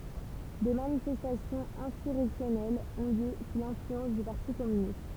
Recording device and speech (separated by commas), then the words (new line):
temple vibration pickup, read sentence
Des manifestations insurrectionnelles ont lieu sous l'influence du parti communiste.